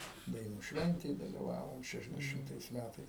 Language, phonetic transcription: Lithuanian, daiˈnų ˈšventėj daliˈvavom ˌšešiasdeˈšimtais ˈmætais

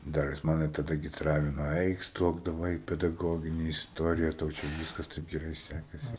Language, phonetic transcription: Lithuanian, ˈdar jis ˈmane taˈda gi ˈtralino ˈaik ˈstok daˈvai i pedaˈgogini isˈtorija tau ˈčia ˈvyskas ˈtaip geˈrai ˈsækasi

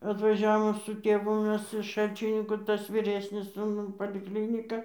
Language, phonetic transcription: Lithuanian, atvaˈžiavom su ˈtėvu ˈmes iš ˈšalčininkų ˈtas vyˈresnis sūˈnų palikˈlynika

